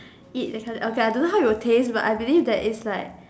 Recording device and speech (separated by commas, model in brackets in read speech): standing microphone, conversation in separate rooms